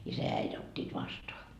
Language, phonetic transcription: Finnish, 'isä ja 'äit ot́t́iit 'vastoa .
- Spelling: isä ja äiti ottivat vastaan

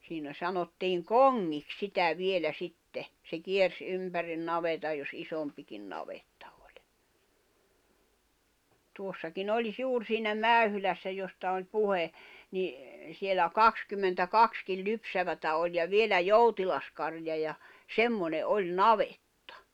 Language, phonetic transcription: Finnish, siinä 'sanottiiŋ "koŋŋik 'sitä 'vielä 'sitte , se 'kiers "’ympärin 'navetaj jos '’isompikin 'navettᴀ ᴏʟ̀ tuossaki'n ‿oĺis 'juur siinä 'Mä̀yhylässä josta oĺ 'puhe , ni , sielä "kakskymmentä"kakskil 'lypsävätä oĺ ja 'vielä "joutilas karja ja , "semmone '’oĺ "navettᴀ .
- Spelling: siinä sanottiin kongiksi sitä vielä sitten se kiersi ympäri navetan jos isompikin navetta oli tuossakin oli juuri siinä Mäyhylässä josta oli puhe niin siellä kaksikymmentäkaksi lypsävää oli ja vielä joutilas karja ja semmoinen oli navetta

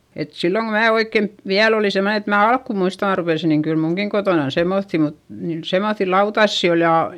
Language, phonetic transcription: Finnish, et silloŋ ko mää oikkent , viäl ‿olì semne et mää alkku muista arvelisi niŋ kyl muŋkiŋ kotònan semmoϑϑi mut , niin semoϑϑi lautassi ol ja, .
- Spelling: että silloin kun minä oikein vielä olin semmoinen että minä alkua muistan arvelisin niin kyllä minunkin kotonani semmoisia mutta niin semmoisia lautasia oli ja,

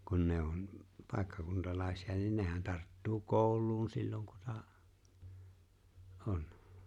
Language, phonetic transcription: Finnish, kun ne 'onm̥ , 'pàekkakuntalàesi₍a niin 'nehän tarttuu "kooᵘl̀uun 'silloŋ ku 'sa- , "’on .
- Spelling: kun ne on paikkakuntalaisia niin nehän tarttuu kouluun silloin kun - on

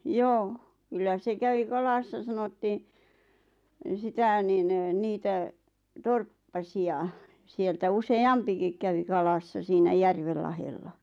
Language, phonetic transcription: Finnish, joo , 'kyllä se 'kävi "kalassa 'sanottiin , 'sitä̀ nin , 'niitä , 'torppa'si₍a , sieltä use₍"ampikik kävi 'kalassa siinä "järvel lahella .
- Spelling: joo kyllä se kävi kalassa sanottiin sitä niin niitä torppasia sieltä useampikin kävi kalassa siinä järven lahdella

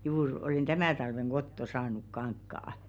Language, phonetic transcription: Finnish, juur olèn "tämä̀ talveŋ 'ɢotto saanuk 'kaŋkkaa « .
- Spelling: juuri olen tämän talven kotoa saanut kankaan

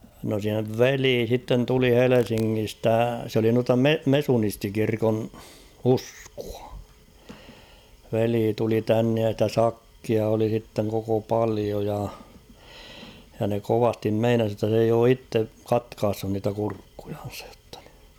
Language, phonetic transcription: Finnish, no sev "velii sitten 'tuli "Helesiŋŋistä , s ‿oli nuata "me- "mesunisti'kirkon , "uskᴜᴀ ; 'velii tuli 'tännej ja stä "sakkia oli sitteŋ koko 'palio ja , ja ne 'kovastim "meinas jotta s ‿eij ‿oo 'itte , "katkaassun niitä 'kurkkuᴊᴀɴ̬sᴀᴊ ᴊᴏttᴀ ɴɪ .
- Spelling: no sen veli sitten tuli Helsingistä se oli noita - mesunistikirkon uskoa veli tuli tänne ja sitä sakkia oli sitten koko paljon ja ja ne kovasti meinasi jotta se ei ole itse katkaissut niitä kurkkujansa jotta niin

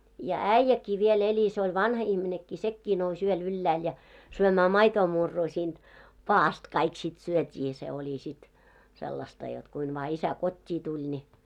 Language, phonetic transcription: Finnish, ja "äⁱjjäkkii viel 'eĺi se oĺ "vanha 'ihminekkii 'sekkii 'nous ‿yöl ‿yllääl ja , syömää "maitoo'murruu siinᴅ , 'paa₍ast kaik sit 'syöt́ii se oĺi sit , sellasta jot kuin vaa 'isä "kot́t́ii 'tuĺ ńi .
- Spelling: ja äijäkin vielä eli se oli vanha ihminenkin sekin nousi yöllä ylhäälle ja syömään maitomurua siitä padasta kaikki sitten syötiin se oli sitten sellaista jotta kuinka vain isä kotiin tuli niin

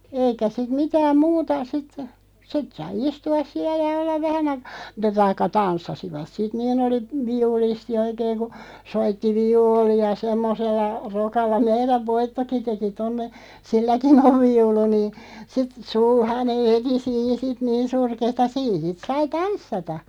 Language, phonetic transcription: Finnish, 'eikä sit 'mitääm "muuta sit , 'sit sai "istu₍as "siä ja 'ollav "vähän aikᴀ- , mut̆ta 'taikka "tanssasivat 'sit 'niin oli , "viulisti 'oikeeŋ ku , 'soitti "vi₍uuli₍a 'semmosella , 'rokalla 'meiräv "Voittoki 'teki tonne , "silläkin ‿ov 'viulu nii , sit 'sulhaneᵛ (veti) siin 'sit niin "surkeeta 'siin sit 'sai "tanssata .
- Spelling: eikä sitten mitään muuta sitten sitten sai istua siellä ja olla vähän - mutta tai tanssivat sitten niin oli viulisti oikein kun soitti viulua semmoisella rokalla meidän Voittokin teki tuonne silläkin on viulu niin sitten sulhanen veti siinä sitten niin surkeata siinä sitten sai tanssia

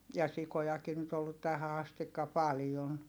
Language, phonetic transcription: Finnish, ja sikojaki nyt ‿ollut tähä astikka paljon .
- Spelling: ja sikojakin nyt ollut tähän asti paljon

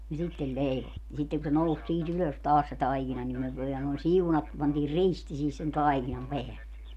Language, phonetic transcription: Finnish, ja 'sittel 'leivo- , ja sitteŋ ku se 'nous sii't ‿ylös 'taas se 'taikina nim myö vielä noin "siunat- , pantiir "risti sihis sen "taikinam "peälle .
- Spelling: ja sitten - ja sitten kun se nousi siitä ylös taas se taikina niin me vielä noin - pantiin risti siihen sen taikinan päälle

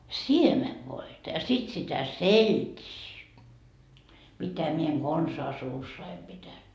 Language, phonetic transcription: Finnish, "siemevvoita ja sit sitä "selt́ii , mitä mie eŋ 'Gonsaa 'suussai pitän .
- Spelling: siemenvoita ja sitten sitä seltiä mitä minä en konsaan suussani pitänyt

